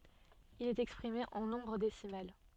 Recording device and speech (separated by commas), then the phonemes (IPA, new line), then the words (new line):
soft in-ear microphone, read sentence
il ɛt ɛkspʁime ɑ̃ nɔ̃bʁ desimal
Il est exprimé en nombre décimal.